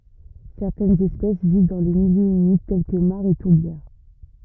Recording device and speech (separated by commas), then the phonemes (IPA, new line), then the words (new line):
rigid in-ear microphone, read sentence
sɛʁtɛnz ɛspɛs viv dɑ̃ le miljøz ymid tɛl kə maʁz e tuʁbjɛʁ
Certaines espèces vivent dans les milieux humides tels que mares et tourbières.